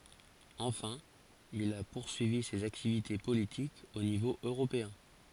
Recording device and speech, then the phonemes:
forehead accelerometer, read sentence
ɑ̃fɛ̃ il a puʁsyivi sez aktivite politikz o nivo øʁopeɛ̃

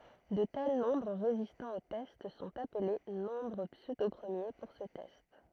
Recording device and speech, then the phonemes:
throat microphone, read sentence
də tɛl nɔ̃bʁ ʁezistɑ̃ o tɛst sɔ̃t aple nɔ̃bʁ psødopʁəmje puʁ sə tɛst

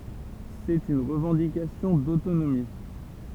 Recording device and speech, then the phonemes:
temple vibration pickup, read sentence
sɛt yn ʁəvɑ̃dikasjɔ̃ dotonomi

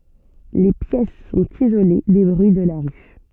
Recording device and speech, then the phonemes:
soft in-ear microphone, read sentence
le pjɛs sɔ̃t izole de bʁyi də la ʁy

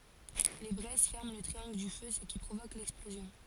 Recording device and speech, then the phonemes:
forehead accelerometer, read sentence
le bʁɛz fɛʁmɑ̃ lə tʁiɑ̃ɡl dy fø sə ki pʁovok lɛksplozjɔ̃

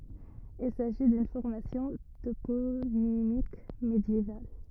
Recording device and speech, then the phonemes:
rigid in-ear microphone, read sentence
il saʒi dyn fɔʁmasjɔ̃ toponimik medjeval

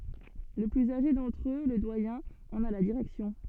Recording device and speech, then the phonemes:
soft in-ear microphone, read sentence
lə plyz aʒe dɑ̃tʁ ø lə dwajɛ̃ ɑ̃n a la diʁɛksjɔ̃

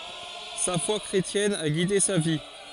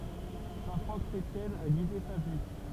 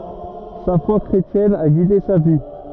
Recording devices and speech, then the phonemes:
forehead accelerometer, temple vibration pickup, rigid in-ear microphone, read sentence
sa fwa kʁetjɛn a ɡide sa vi

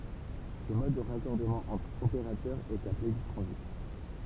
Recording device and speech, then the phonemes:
temple vibration pickup, read sentence
sə mɔd də ʁakɔʁdəmɑ̃ ɑ̃tʁ opeʁatœʁ ɛt aple dy tʁɑ̃zit

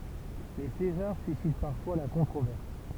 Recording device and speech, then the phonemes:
temple vibration pickup, read sentence
le sezaʁ sysit paʁfwa la kɔ̃tʁovɛʁs

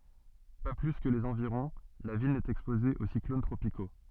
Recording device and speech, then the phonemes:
soft in-ear microphone, read sentence
pa ply kə lez ɑ̃viʁɔ̃ la vil nɛt ɛkspoze o siklon tʁopiko

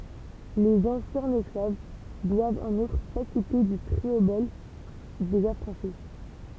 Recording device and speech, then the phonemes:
temple vibration pickup, read sentence
lez ɑ̃sjɛ̃z ɛsklav dwavt ɑ̃n utʁ sakite dy tʁiobɔl dez afʁɑ̃ʃi

